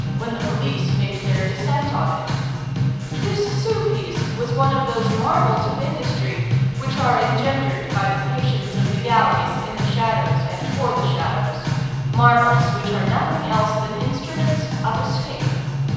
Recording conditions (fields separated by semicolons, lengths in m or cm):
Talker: one person; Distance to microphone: 7.1 m; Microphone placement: far; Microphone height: 1.7 m; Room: very reverberant, large; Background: music